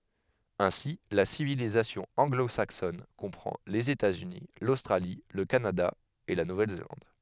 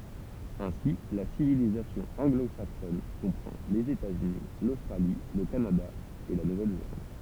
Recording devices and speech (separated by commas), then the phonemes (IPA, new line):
headset microphone, temple vibration pickup, read sentence
ɛ̃si la sivilizasjɔ̃ ɑ̃ɡlozaksɔn kɔ̃pʁɑ̃ lez etatsyni lostʁali lə kanada e la nuvɛlzelɑ̃d